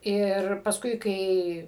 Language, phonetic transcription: Lithuanian, ˈir pasˈkui ˈkai

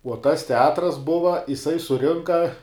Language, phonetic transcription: Lithuanian, uo tas teˈatras ˈbuva iˈsai suˈrinka

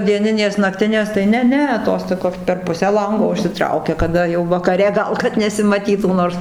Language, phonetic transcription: Lithuanian, dieˈninės nakˈtinės tai ˈne ˈne ˈtos toˈkios per ˈpusę ˈlango užsiˈtraukia kaˈda jau vakaˈre ˈgal kad nesimaˈtytų ˈnors

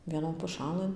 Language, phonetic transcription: Lithuanian, vieˈnon puˈšalɘn

